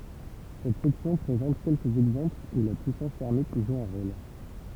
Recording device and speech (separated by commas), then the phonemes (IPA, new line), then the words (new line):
temple vibration pickup, read sentence
sɛt sɛksjɔ̃ pʁezɑ̃t kɛlkəz ɛɡzɑ̃plz u la pyisɑ̃s tɛʁmik ʒu œ̃ ʁol
Cette section présente quelques exemples où la puissance thermique joue un rôle.